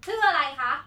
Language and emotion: Thai, angry